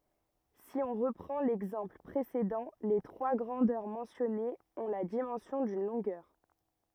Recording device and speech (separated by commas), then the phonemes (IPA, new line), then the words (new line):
rigid in-ear microphone, read sentence
si ɔ̃ ʁəpʁɑ̃ lɛɡzɑ̃pl pʁesedɑ̃ le tʁwa ɡʁɑ̃dœʁ mɑ̃sjɔnez ɔ̃ la dimɑ̃sjɔ̃ dyn lɔ̃ɡœʁ
Si on reprend l'exemple précédent, les trois grandeurs mentionnées ont la dimension d'une longueur.